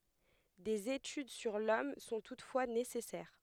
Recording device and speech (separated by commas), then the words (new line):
headset microphone, read sentence
Des études sur l'homme sont toutefois nécessaires.